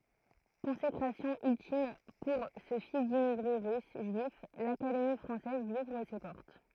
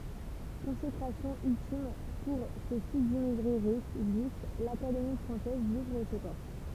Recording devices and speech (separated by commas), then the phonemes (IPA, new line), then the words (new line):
throat microphone, temple vibration pickup, read sentence
kɔ̃sekʁasjɔ̃ yltim puʁ sə fis dimmiɡʁe ʁys ʒyif lakademi fʁɑ̃sɛz lyi uvʁ se pɔʁt
Consécration ultime pour ce fils d’immigrés russes juifs, l’Académie française lui ouvre ses portes.